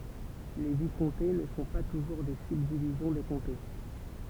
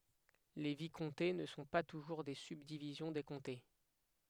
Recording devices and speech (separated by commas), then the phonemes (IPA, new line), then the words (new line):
temple vibration pickup, headset microphone, read sentence
le vikɔ̃te nə sɔ̃ pa tuʒuʁ de sybdivizjɔ̃ de kɔ̃te
Les vicomtés ne sont pas toujours des subdivisions des comtés.